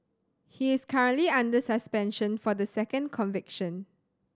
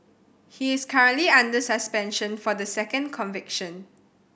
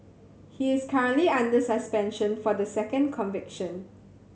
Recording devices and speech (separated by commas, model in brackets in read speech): standing microphone (AKG C214), boundary microphone (BM630), mobile phone (Samsung C7100), read sentence